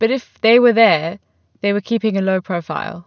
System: none